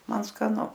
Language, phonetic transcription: Lithuanian, ˈman skaˈnu

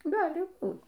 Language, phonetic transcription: Lithuanian, ˈgali ˈbūt

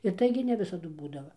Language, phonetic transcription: Lithuanian, ir ˈtaigi ne ˈvisadu ˈbūdava

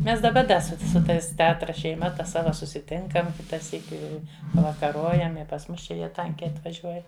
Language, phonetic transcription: Lithuanian, ˈmes daˈba ˈda ˈsu su ˈtais teˈatra šeiˈma ˈta ˈsava susiˈtinkam ˈkita ˈsyki i pavakaˈrojam i pas ˈmus ˈčia ˈjie ˈtankiai atvaˈžiuoja

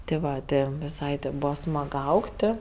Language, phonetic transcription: Lithuanian, ti ˈva ˈti viˈsai ti ˈbūva ˈsmag ˈaugti

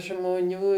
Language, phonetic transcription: Lithuanian, žmoˈnių

